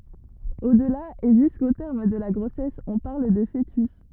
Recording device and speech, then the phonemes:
rigid in-ear microphone, read sentence
odla e ʒysko tɛʁm də la ɡʁosɛs ɔ̃ paʁl də foətys

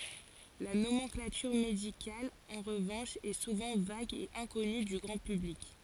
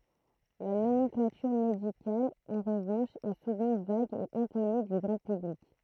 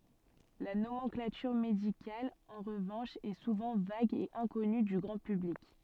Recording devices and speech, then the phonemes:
forehead accelerometer, throat microphone, soft in-ear microphone, read sentence
la nomɑ̃klatyʁ medikal ɑ̃ ʁəvɑ̃ʃ ɛ suvɑ̃ vaɡ e ɛ̃kɔny dy ɡʁɑ̃ pyblik

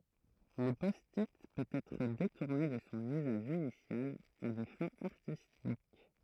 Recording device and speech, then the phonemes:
throat microphone, read sentence
lə pɔsti pøt ɛtʁ detuʁne də sɔ̃ yzaʒ inisjal a de fɛ̃z aʁtistik

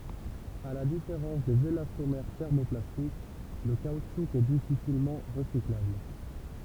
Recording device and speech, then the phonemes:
temple vibration pickup, read sentence
a la difeʁɑ̃s dez elastomɛʁ tɛʁmoplastik lə kautʃu ɛ difisilmɑ̃ ʁəsiklabl

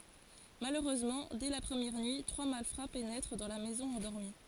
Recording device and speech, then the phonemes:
forehead accelerometer, read sentence
maløʁøzmɑ̃ dɛ la pʁəmjɛʁ nyi tʁwa malfʁa penɛtʁ dɑ̃ la mɛzɔ̃ ɑ̃dɔʁmi

